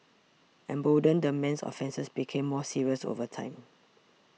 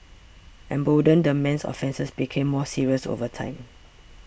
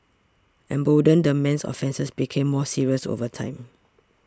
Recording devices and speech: mobile phone (iPhone 6), boundary microphone (BM630), standing microphone (AKG C214), read sentence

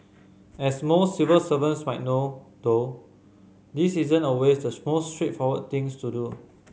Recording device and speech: mobile phone (Samsung C5010), read sentence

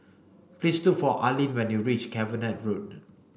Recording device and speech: boundary microphone (BM630), read sentence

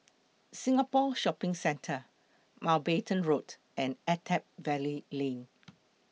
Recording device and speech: mobile phone (iPhone 6), read sentence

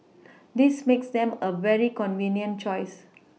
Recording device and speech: mobile phone (iPhone 6), read sentence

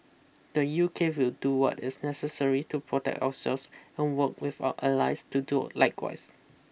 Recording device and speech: boundary microphone (BM630), read sentence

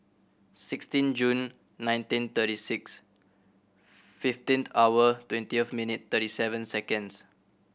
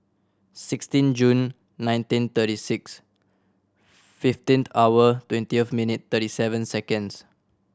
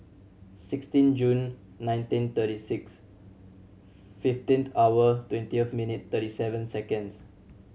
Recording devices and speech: boundary microphone (BM630), standing microphone (AKG C214), mobile phone (Samsung C7100), read sentence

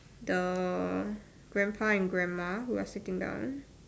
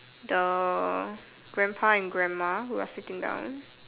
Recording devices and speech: standing microphone, telephone, conversation in separate rooms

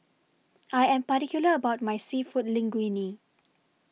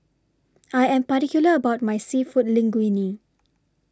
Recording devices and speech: mobile phone (iPhone 6), standing microphone (AKG C214), read sentence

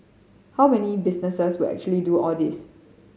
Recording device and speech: mobile phone (Samsung C5010), read sentence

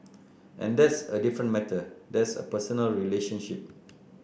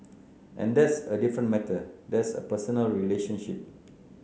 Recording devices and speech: boundary microphone (BM630), mobile phone (Samsung C9), read sentence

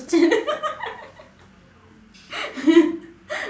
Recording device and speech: standing microphone, conversation in separate rooms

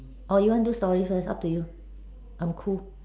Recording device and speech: standing microphone, conversation in separate rooms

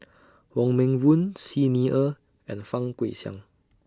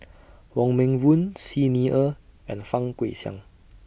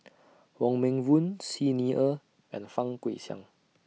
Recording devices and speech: standing microphone (AKG C214), boundary microphone (BM630), mobile phone (iPhone 6), read sentence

